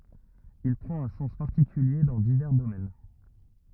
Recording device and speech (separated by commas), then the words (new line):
rigid in-ear microphone, read sentence
Il prend un sens particulier dans divers domaines.